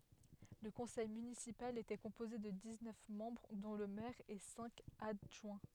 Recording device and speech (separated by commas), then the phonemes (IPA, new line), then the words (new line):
headset microphone, read sentence
lə kɔ̃sɛj mynisipal etɛ kɔ̃poze də diz nœf mɑ̃bʁ dɔ̃ lə mɛʁ e sɛ̃k adʒwɛ̃
Le conseil municipal était composé de dix-neuf membres dont le maire et cinq adjoints.